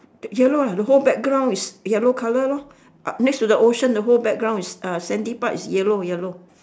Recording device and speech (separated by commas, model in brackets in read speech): standing microphone, conversation in separate rooms